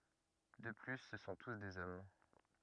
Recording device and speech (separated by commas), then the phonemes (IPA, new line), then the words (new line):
rigid in-ear microphone, read sentence
də ply sə sɔ̃ tus dez ɔm
De plus ce sont tous des hommes.